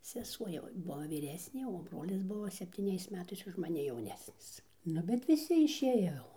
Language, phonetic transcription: Lithuanian, seˈsuo jau ˈbuo vyˈresnė o ˈbrolis ˈbuvo septyˈniais ˈmetais už maˈni jauˈnesnis ˈnu bet viˈsi išˈėjo jau

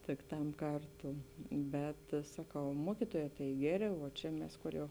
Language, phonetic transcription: Lithuanian, tik ˈtam ˈkarˌtū ˈbet saˈkau ˈmuokituojē tai ˈgeˌrė vuo ˈčia mes ˈkor jau

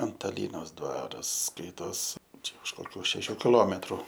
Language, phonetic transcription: Lithuanian, antaˈlynos ˈdvaras ˈskaitos ˈčia už koˈkių šeˈšių kiˈlometru

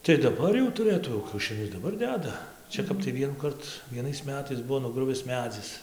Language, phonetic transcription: Lithuanian, tai daˈbar jau tuˈrɘtų jau kiaušiˈnius daˈbar ˈdeda ˈčia kap tai ˈvienųkart vieˈnais ˈmetais ˈbuvo nuˈgruvis ˈmedzis

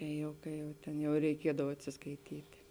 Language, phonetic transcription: Lithuanian, ˈkai jau ˈkai jau ˈtėn jau reiˈkiedav atsiskaiˈtyti

